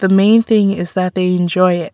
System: none